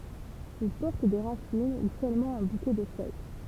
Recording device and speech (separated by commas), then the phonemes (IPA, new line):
temple vibration pickup, read sentence
il pɔʁt de ʁasin u sølmɑ̃ œ̃ bukɛ də fœj